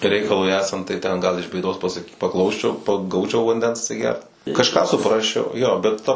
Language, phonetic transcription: Lithuanian, ˈreikalui ˈesant tai ˈten ˈgal iš bėˈdos paˈsak paˈklausčiau pa ˈgaučiau vanˈdens atsiˈgert kažˈką suˈprasčiau jo bet ˈta

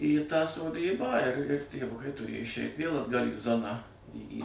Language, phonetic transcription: Lithuanian, į tą soˈdybą ir tėvˈukai tuˈrėja išˈeit' vėl atˈgal' į ˈzoną ˈį į

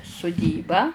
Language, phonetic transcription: Lithuanian, suˈdybą

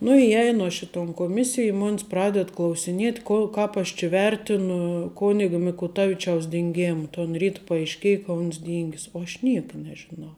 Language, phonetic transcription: Lithuanian, nu iˈjeinu aš i ton koˈmisij i ˈmon's ˈpraded klausiˈniet' ˈko ˈkāp aš či ˈvertinu ˈkonigo mikuˈtavičiaus dinˈgėma ton ˈryt paaišˈkėja ka ˈuns ˈdyngis o aš ˈnieka nežiˈnau

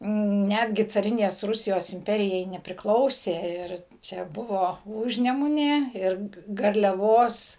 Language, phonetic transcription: Lithuanian, ˈnætgi caˈrinės ˈrusijos imˈperijai nepriˈklausė ˈir čia ˈbuvo ˈūžnemunė ˈir garliaˈvos

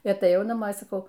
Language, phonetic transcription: Lithuanian, i ataˈjau naˈmo i saˈkau

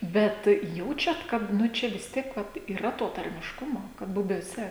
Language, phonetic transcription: Lithuanian, ˈbet ˈjaučiat kad ˈnu ˈčia vis ˈtiek vat yˈra to tarmišˈkumo kad bubiuoˈse

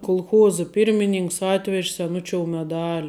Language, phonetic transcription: Lithuanian, kulˈchuozə pyrmiˈninks ˈatvež' seˈnučiou meˈdali

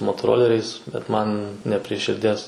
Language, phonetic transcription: Lithuanian, motoˈroleriais bet ˈman ne prie širˈdies

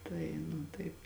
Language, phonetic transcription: Lithuanian, ˈtai nu ˈtaip

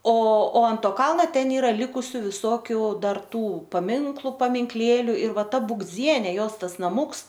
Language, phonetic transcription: Lithuanian, o o ant ˈto ˈkalna ˈten ˈyra ˈlikusiu viˈsokiu ˈdar ˈtų paˈminklu paminkˈlėliu ir ˈva ˈta būgˈdzienė ˈjos ˈtas naˈmūks

